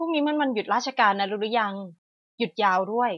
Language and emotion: Thai, neutral